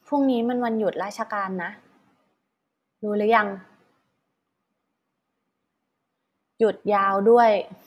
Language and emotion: Thai, frustrated